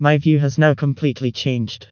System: TTS, vocoder